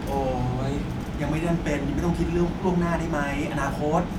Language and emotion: Thai, frustrated